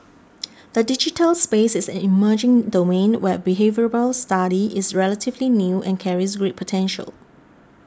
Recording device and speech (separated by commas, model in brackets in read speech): standing microphone (AKG C214), read sentence